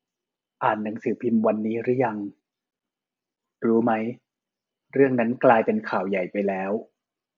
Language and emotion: Thai, neutral